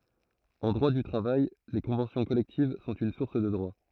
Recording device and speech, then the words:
throat microphone, read sentence
En droit du travail, les conventions collectives sont une source de droit.

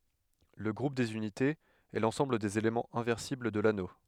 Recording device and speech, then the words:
headset microphone, read sentence
Le groupe des unités, est l'ensemble des éléments inversibles de l'anneau.

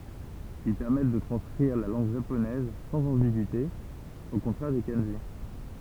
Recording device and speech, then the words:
temple vibration pickup, read sentence
Ils permettent de transcrire la langue japonaise sans ambigüité, au contraire des kanjis.

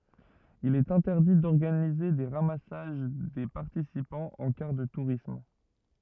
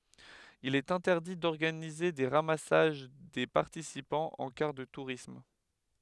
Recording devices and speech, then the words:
rigid in-ear microphone, headset microphone, read sentence
Il est interdit d'organiser des ramassages des participants en car de tourisme.

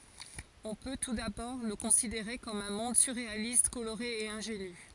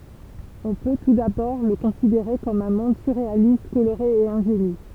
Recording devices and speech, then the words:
forehead accelerometer, temple vibration pickup, read sentence
On peut, tout d'abord, le considérer comme un monde surréaliste, coloré et ingénu.

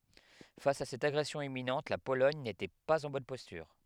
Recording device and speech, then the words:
headset microphone, read sentence
Face à cette agression imminente, la Pologne n’était pas en bonne posture.

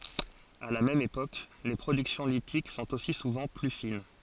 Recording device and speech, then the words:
forehead accelerometer, read sentence
À la même époque, les productions lithiques sont aussi souvent plus fines.

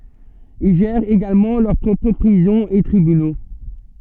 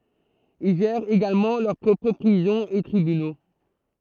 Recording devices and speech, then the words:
soft in-ear microphone, throat microphone, read sentence
Ils gèrent également leur propres prisons et tribunaux.

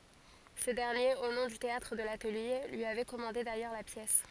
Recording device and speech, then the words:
forehead accelerometer, read sentence
Ce dernier, au nom du Théâtre de l'Atelier, lui avait commandé d'ailleurs la pièce.

